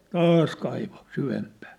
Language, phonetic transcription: Finnish, taas kaivo , 'syvempää .
- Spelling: taas kaivoi syvempään

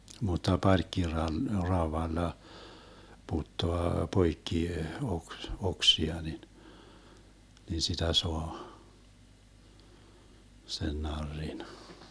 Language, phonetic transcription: Finnish, mut̆ta 'parkkiral- , 'raovalla , 'puttoa 'poikki oks- , 'oksia nin , nin 'sitä 'soa , sen 'narrin .
- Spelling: mutta - parkkiraudalla puttaa poikki - oksia niin niin sitä saa sen narrin

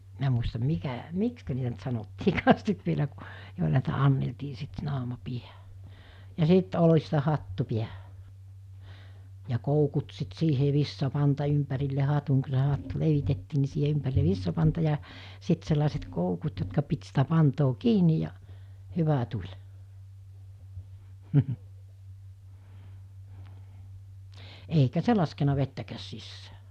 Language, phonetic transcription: Finnish, 'minä muistam 'mikä , "mikskä niitä ‿nt 'sanottiikaas sit vielä ku , jòila niitä 'anneltii sit sinne 'àuma 'piä(hä) , ja sìt 'olista 'hattu 'piähᴀ̈ , ja 'koukut sit 'siihè 'vissapanta 'ympärille 'hatuŋ ku s̬e 'hattu 'levitettii ni siihe 'ympäri(l)e 'vissapanta ja , 'sit sellàeset 'koukut jotka pit sitä 'pantoo "kiinij ja , 'hyvä 'tuĺ , eikä 'se laskena 'vettäkääs 'sissää .
- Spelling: minä muista mikä miksi niitä nyt sanottiinkaan sitten vielä kun joilla niitä annettiin sitten sinne auman päähän ja sitten oljista hattu päähän ja koukut sitten siihen vitsapanta ympärille hatun kun se hattu levitettiin niin siihen ympärille vitsapanta ja sitten sellaiset koukut jotka piti sitä pantaa kiinni ja hyvä tuli eikä se laskenut vettäkään sisään

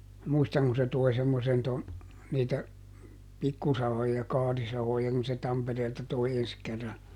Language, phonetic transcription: Finnish, ˈmuistaŋ ku se ˈtoi̮ semmosen ton , ˈniitä , ˈpikkusahoja ˈkaarisahoja kun se ˈTampereelta toi ˈens kerra .
- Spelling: muistan kun se toi semmoisen tuon niitä pikkusahoja kaarisahoja kun se Tampereelta toi ensi kerran

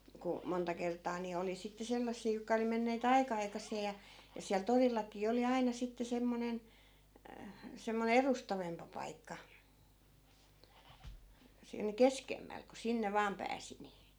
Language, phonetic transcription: Finnish, ku 'monta kert̀aa ni 'oli sitte 'sellassii jokka oli menneet "aika 'aikas̀ee ja , ja siäl 'torillak̆kii oli 'aina sitte 'semmonen , 'semmone "erustavempa 'paikka , 'siin "keskemmäl , ku 'sinne 'vaam pääsi ni .
- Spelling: kun monta kertaa niin oli sitten sellaisia jotka oli menneet aika aikaiseen ja ja siellä torillakin oli aina sitten semmoinen semmoinen edustavampi paikka siinä keskemmällä kun sinne vain pääsi niin

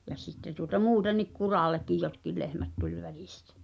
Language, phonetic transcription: Finnish, ja sitte tuota "muutennik 'kuràl̆lekkij 'jotkil 'lehmät tuĺ 'välɪstᴀ̈ .
- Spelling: ja sitten tuota muutenkin kurallekin jotkin lehmät tuli välistä

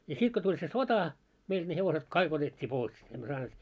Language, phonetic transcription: Finnish, ja 'sit ko tuĺ se "sota , meilᴅ ne hevoset "kaik ‿otet́t́ii 'pois , emmö 'saaneet ,.
- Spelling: ja sitten kun tuli se sota meille ne hevoset kaikki otettiin pois emme saaneet

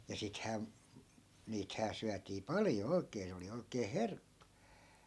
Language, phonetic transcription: Finnish, ja 'sithää , 'niithää syätii "paljo 'oi̮k̀ee 'se oli oi̮kee "herkkU .
- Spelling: ja sittenhän niitähän syötiin paljon oikein se oli oikein herkku

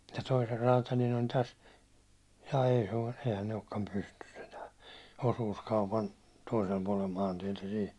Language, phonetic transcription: Finnish, ja 'toiser raatalin on täs , jaa ei se o- , sehän ‿ei okkam 'pystys ‿enää , 'osuuskaupan , toisel puålel 'maantietä siin̬ ,.
- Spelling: ja toisen räätälin on tässä jaa ei se ole sehän ei olekaan pystyssä enää osuuskaupan toisella puolella maantietä siinä

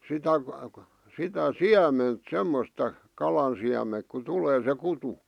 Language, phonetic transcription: Finnish, 'sitä , sitä "siäment "semmosta , 'kalan siämeŋk ku 'tulee se 'kutu .
- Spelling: sitä sitä siementä semmoista kalan siementä kun tulee se kutu

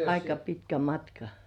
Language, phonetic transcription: Finnish, aika pitkä 'matka .
- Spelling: aika pitkä matka

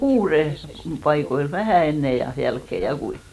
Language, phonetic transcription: Finnish, 'kuurem , paikoil , 'vähä̀ 'enne ja 'jälkke , ja 'kui .
- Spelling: kuuden paikoilla vähän ennen ja jälkeen ja kuinka

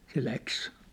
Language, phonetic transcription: Finnish, se läks .
- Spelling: se lähti

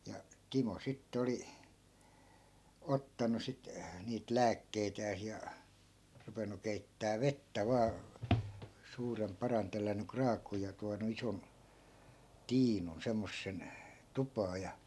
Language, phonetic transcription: Finnish, ja , 'timo 'sittᵉ oli , 'ottanu sit , niit "lääkkeitääs ja , 'rupenu keittää "vettä vaa , 'suurem 'paran tellän̆ny 'kraak̆kuuj ja tuanu 'ison , "tiinun , 'semmossen , 'tupaa ja .
- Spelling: ja Timo sitten oli ottanut sitten niitä lääkkeitään ja ruvennut keittämään vettä vain suuren padan tellännyt kraakkuun ja tuonut ison tiinun semmoisen tupaan ja

